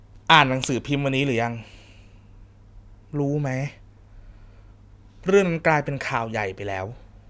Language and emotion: Thai, frustrated